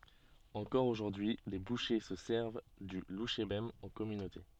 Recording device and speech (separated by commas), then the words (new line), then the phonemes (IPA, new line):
soft in-ear microphone, read sentence
Encore aujourd'hui les bouchers se servent du louchébem en communauté.
ɑ̃kɔʁ oʒuʁdyi le buʃe sə sɛʁv dy luʃebɛm ɑ̃ kɔmynote